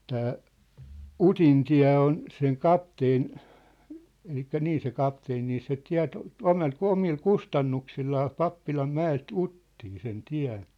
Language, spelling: Finnish, tämä Utintie on sen kapteenin eli niin se kapteeni niin se teetti omalla omalla kustannuksillaan Pappilanmäeltä Uttiin sen tien
- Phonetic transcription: 'tää , "Utin'tiä̭ on , seŋ "kapteen , elikkä 'nii se 'kapteen nii se 'tiä̭t , 'ome̳l 'omil "kustannuksillaa 'Pappilam'mä₍elt "Uttii sen 'tiä̭n̬ .

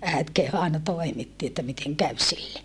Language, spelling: Finnish, äiti kehui aina toimitti että miten kävi sille
- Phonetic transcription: äet keh(u) aena toimitti että miteŋ käv sille .

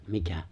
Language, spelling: Finnish, mikä
- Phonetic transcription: mikä ?

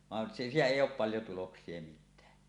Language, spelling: Finnish, vaan siitä ei ole paljon tuloksia mitään
- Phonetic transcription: van siitä "èij̆j ‿oop 'paljo 'tuloks̀ie mit̆tää .

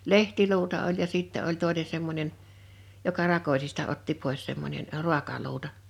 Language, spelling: Finnish, lehtiluuta oli ja sitten oli toinen semmoinen joka rakosista otti pois semmoinen - ruokaluuta
- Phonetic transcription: lehtiluuta oĺ ja 'sìttä oĺ 'tòene semmońen , joka 'rakosista otti pòes semmońen , ᵊ "ru̬akaluuta .

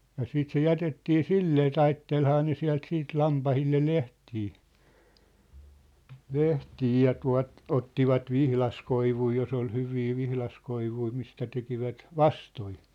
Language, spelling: Finnish, ja sitten se jätettiin sillä tavalla taittelihan ne sieltä sitten lampaille lehtiä lehtiä ja tuolta ottivat vihdaskoivuja jos oli hyviä vihdaskoivuja mistä tekivät vastoja
- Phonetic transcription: ja 'siit se 'jätettii "sillee , "taittelhaa ne 'siä̭lt 'siit "lampahille "lehtii , "lehtii ja 'tua̭t , 'ottivat "vihlaskoivui jos ‿ol 'hyvii 'vihlaskoivui mistä 'tekivät , "vastoi .

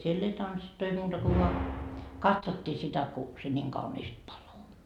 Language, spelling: Finnish, siellä ei tanssittu ei muuta kuin vain katsottiin sitä kun se niin kauniisti paloi
- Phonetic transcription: siell ‿ei 'tanssittu 'ei muuta ko voa , "katsottii sitä ku , se ńiiŋ kauniist 'palo .

